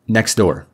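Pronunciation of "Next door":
'Next door' sounds like one word, with one sound removed where the two words join.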